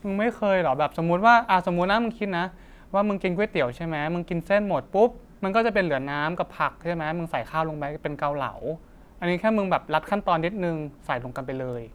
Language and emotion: Thai, neutral